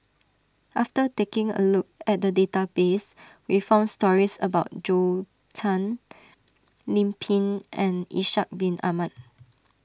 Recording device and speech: standing microphone (AKG C214), read sentence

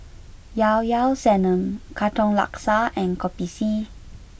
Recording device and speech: boundary microphone (BM630), read sentence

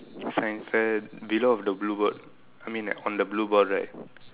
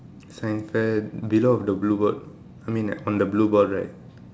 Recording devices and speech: telephone, standing microphone, conversation in separate rooms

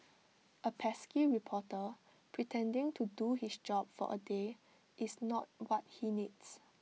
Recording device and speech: mobile phone (iPhone 6), read sentence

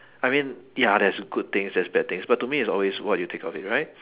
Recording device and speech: telephone, conversation in separate rooms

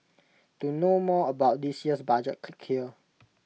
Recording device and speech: mobile phone (iPhone 6), read sentence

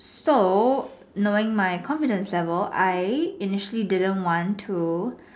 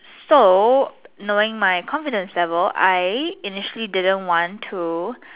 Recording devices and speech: standing microphone, telephone, conversation in separate rooms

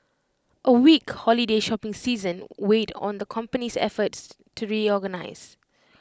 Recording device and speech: close-talking microphone (WH20), read sentence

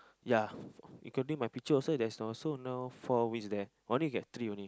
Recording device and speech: close-talking microphone, conversation in the same room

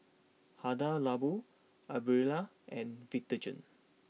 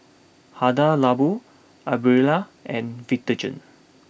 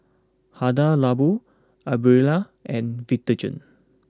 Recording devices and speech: mobile phone (iPhone 6), boundary microphone (BM630), close-talking microphone (WH20), read sentence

